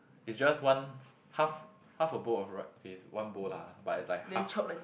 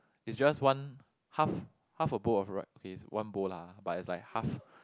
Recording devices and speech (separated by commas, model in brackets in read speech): boundary microphone, close-talking microphone, conversation in the same room